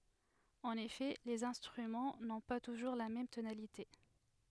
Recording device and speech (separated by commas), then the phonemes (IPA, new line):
headset microphone, read sentence
ɑ̃n efɛ lez ɛ̃stʁymɑ̃ nɔ̃ pa tuʒuʁ la mɛm tonalite